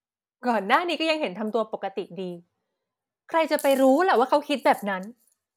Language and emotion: Thai, frustrated